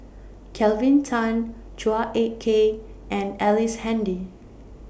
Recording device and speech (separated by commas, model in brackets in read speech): boundary microphone (BM630), read sentence